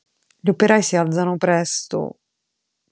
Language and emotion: Italian, sad